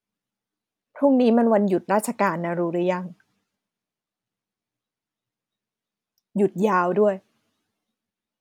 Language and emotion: Thai, frustrated